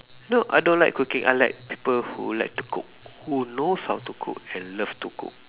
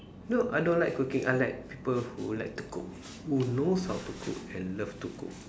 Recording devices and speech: telephone, standing microphone, conversation in separate rooms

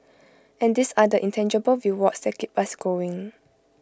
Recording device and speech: close-talking microphone (WH20), read sentence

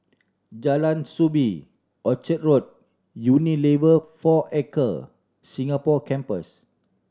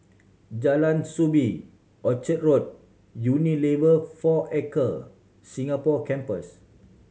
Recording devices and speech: standing microphone (AKG C214), mobile phone (Samsung C7100), read sentence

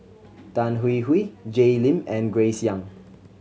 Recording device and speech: mobile phone (Samsung C7100), read sentence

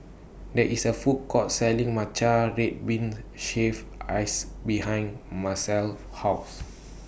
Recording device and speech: boundary microphone (BM630), read sentence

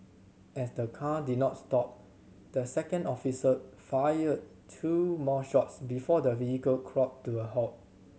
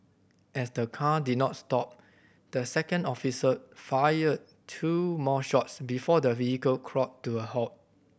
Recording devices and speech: mobile phone (Samsung C7100), boundary microphone (BM630), read sentence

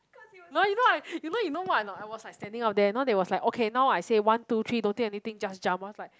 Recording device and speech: close-talking microphone, conversation in the same room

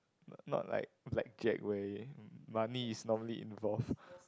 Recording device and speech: close-talking microphone, conversation in the same room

